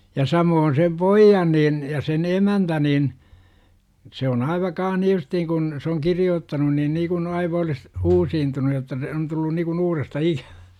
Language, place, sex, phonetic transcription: Finnish, Jurva, male, ja 'samoon sem "poijjan niin , ja sen "emäntä nin , se on 'aiva kaah ni 'justiiŋ kun , se oŋ "kiri₍oottanun niin niikun aiva olis , "uusiintunu jotta se on tullu nikun "uuresta 'ikäVÄ .
- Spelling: ja samoin sen pojan niin ja sen emäntä niin se on aivan kanssa niin justiin kun se on kirjoittanut niin niin kuin aivan olisi uusiutunut jotta se on tullut niin kuin uudestaan ikävä

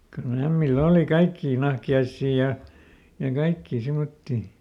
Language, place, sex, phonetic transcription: Finnish, Lieto, male, kylˈl ‿ämmilˈl ‿ooli "kaikkii ˈnahki₍aissii ja , ja ˈkaikkii ˈsimottii .
- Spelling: kyllä ämmillä oli kaikkia nahkiaisia ja ja kaikkia semmoisia

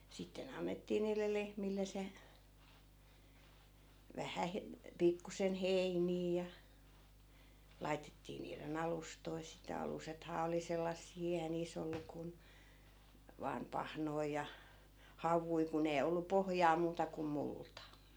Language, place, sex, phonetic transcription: Finnish, Askola, female, sitte'n ‿annettii niille 'lehmille se , 'vähä he- , 'pikkusen "heinii ja , 'laitettii niire'n ‿alustoi sitä 'alusethaa oli 'sellassii eihä 'niis ‿ollu kun , vaam "pahnoij ja , "hav̀ui kun ‿ei 'ollu 'pohᵒjaa 'muuta kum 'multa .
- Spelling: sitten annettiin niille lehmille se vähän - pikkuisen heiniä ja laitettiin niiden alustoja sitä alusethan oli sellaisia eihän niissä ollut kuin vain pahnoja ja havuja kun ei ollut pohjaa muuta kuin multa

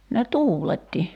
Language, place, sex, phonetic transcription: Finnish, Kerimäki, female, ne "tuuletti .
- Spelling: ne tuuletti

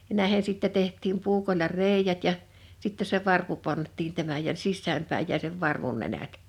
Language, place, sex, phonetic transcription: Finnish, Liperi, female, ja 'nä̀ehen̬ sìttɛ 'teht̆tiim 'puukol̆la "rèi̬jät ja , 'sitte se 'varpu 'pant̆tiin 'tämäj ja "sissääm päij jäi sev 'varvun 'nenät .
- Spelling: ja näihin sitten tehtiin puukolla reiät ja sitten se varpu pantiin tämän ja sisään päin jäi sen varvun nenät

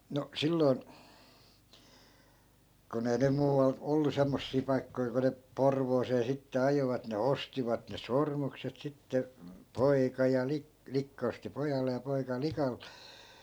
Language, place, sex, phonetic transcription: Finnish, Askola, male, 'no , 'silloi̮n , ku'n ‿ei nym 'muuval , 'ollu 'semmossii 'paikkoi ku ne , "porvoosee sitte 'ajovat ne "ostivat ne "sormukset sitte , "poika ja 'li- , 'likka osti 'pojalle ja 'poika "lika .
- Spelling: no silloin kun ei nyt muualla ollut semmoisia paikkoja kun ne Porvooseen sitten ajoivat ne ostivat ne sormukset sitten poika ja - likka osti pojalle ja poika likalle

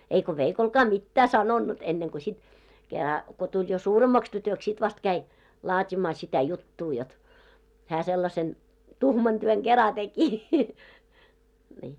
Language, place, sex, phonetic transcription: Finnish, Moloskovitsa, female, eiko 'veikolkaa "mittää 'sanonnut enneŋko sit , kera , ko tuĺ jo "suuremmaks tytöks sit vast 'käi , 'laat́imaa sitä 'juttuu jot , hää sellasen , "tuhman 'työŋ ɢera 'teki , nii .
- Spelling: eikä veikollekaan mitään sanonut ennen kuin sitten kerran kun tuli jo suuremmaksi tytöksi sitten vasta kävi laatimaan sitä juttua jotta hän sellaisen tuhman työn kerran teki niin

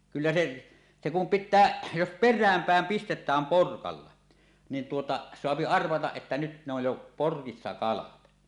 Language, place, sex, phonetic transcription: Finnish, Suomussalmi, male, 'kyllä se , se kum "pittää , jos "per̆rääm 'pä̀em pistet̀ääm 'porkalla , nin tuota , soapi 'arvataˀ ˀettä nyt ne ‿oj jo "porkissa 'kalat .
- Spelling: kyllä se se kun pitää jos perään päin pistetään porkalla niin tuota saa arvata että nyt ne on jo porkissa kalat

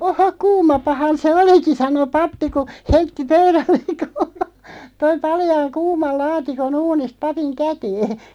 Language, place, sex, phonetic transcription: Finnish, Loppi, female, » 'o"hoᵏ 'kuumapahan se "oliki « 'sano "pappi ku , 'heitti "pöyrälleᵏ kuu(ma-) , toi 'paljaaŋ "kuumal 'laatiko'n ‿uunist 'papiŋ "kätee .
- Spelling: ohoh kuumapahan se olikin sanoi pappi kun heitti pöydälle - toi paljaan kuuman laatikon uunista papin käteen

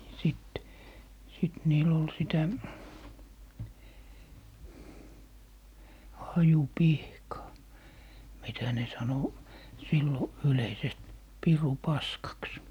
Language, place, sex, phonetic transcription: Finnish, Lappee, male, 'sit , sit niil ‿ol 'sitä , 'haju"pihkaa , 'mitä ne sano , 'sillo , 'yleisest 'piru"paskaks .
- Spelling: sitten sitten niillä oli sitä hajupihkaa mitä ne sanoi silloin yleisesti pirunpaskaksi

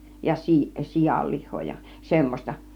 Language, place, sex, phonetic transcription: Finnish, Kiihtelysvaara, female, ja 'si- , 'sijal 'lih̆hoo ja 'semmośta .
- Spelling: ja - - sianlihaa ja semmoista

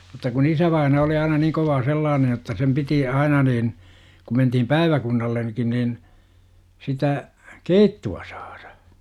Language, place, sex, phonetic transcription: Finnish, Jurva, male, mut̆ta kun 'isävaina oli aina niiŋ kovaa 'sellaanej jotta sem 'piti , 'aina niin , kum mentihim "pääivä-kunnallen§kin niin , sitä , "keittu₍a 'sAARA .
- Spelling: mutta kun isävainaa oli aina niin kovaa sellainen jotta sen piti aina niin kun mentiin päiväkunnallekin niin sitä keittoa saada

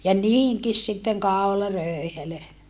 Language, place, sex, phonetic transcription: Finnish, Saarijärvi, female, ja niihiŋkis sitteŋ kàularö̀i̮helö .
- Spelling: ja niihinkin sitten kaularöyhelö

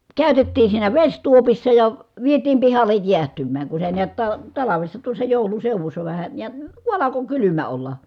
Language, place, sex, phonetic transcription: Finnish, Kitee, female, kä̀y̬tettiin̬ siinä veśtuopissa ja , vietiim pihallej jiähtym̀ääŋ ku se niät ta- , talavessa tuossa jòu̬lun̬ seuvussa vähä , ja ku alako kylymä olla .
- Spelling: käytettiin siinä vesituopissa ja vietiin pihalle jäähtymään kun se näet - talvessa tuossa joulun seudussa vähän ja kun alkoi kylmä olla

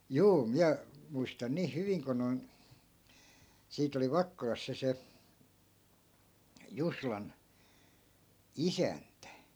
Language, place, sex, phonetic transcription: Finnish, Askola, male, 'juu 'miä , 'muistan niih 'hyviŋ ko noi̮n , 'siit ‿oli 'vakkolas se se , 'juslan , "isäntä .
- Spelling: juu minä muistan niin hyvin kun noin siitä oli Vakkolassa se se Juslan isäntä

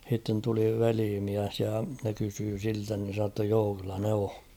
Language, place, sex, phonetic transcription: Finnish, Kauhava, male, h̬itten tuli 'veliimiäs ja ne kysyy 'siltä nin̬ se sa ‿tta 'joo kyllä 'ne o .
- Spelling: sitten tuli velimies ja ne kysyi siltä niin se sanoi jotta joo kyllä ne on

